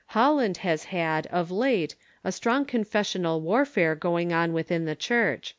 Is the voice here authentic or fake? authentic